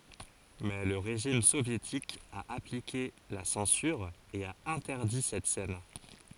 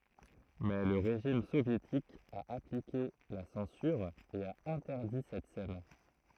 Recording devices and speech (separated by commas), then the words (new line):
forehead accelerometer, throat microphone, read sentence
Mais le régime soviétique a appliqué la censure et a interdit cette scène.